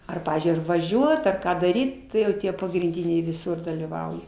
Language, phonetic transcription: Lithuanian, ˈar ˈpavyzdžiui ar vaˈžiuot ar ˈką daˈryt ˈtai jau ˈtie pagrinˈdiniai viˈsur dalyˈvauja

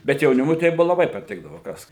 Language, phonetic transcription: Lithuanian, bet jauˈnimui tai ˈbuvo laˈbai paˈtikdavo ˈkas

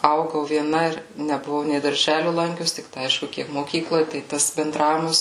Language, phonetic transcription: Lithuanian, ˈaugau vieˈna ir nebuˈvau nei darˈželiu ˈlankius tikˈtai ˈaišku ˈkiek moˈkykloj tai ˈtas benˈdravimas

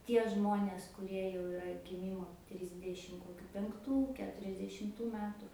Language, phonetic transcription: Lithuanian, ˈtie ˈžmonės kuˈrie jau iˈra giˈmymo ˈtrisdešim koˈkiu penkˈtų keturiasdešimˈtų ˈmetu

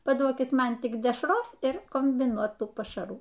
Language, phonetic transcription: Lithuanian, paˈduokit ˈman tik dešˈros ir kombiˈnuotų pašaˈrų

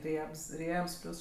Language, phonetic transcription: Lithuanian, ˈriebs ˈriebs ˈpliūs

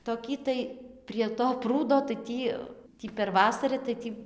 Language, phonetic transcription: Lithuanian, toˈkį tai prie to ˈprūdo tai ˈtį ˈtį per ˈvasarɨ tai ˈtį

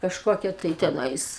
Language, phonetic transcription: Lithuanian, kažˈkokia tai teˈnais

